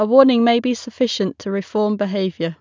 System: none